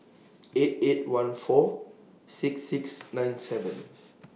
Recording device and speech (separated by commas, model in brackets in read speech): mobile phone (iPhone 6), read sentence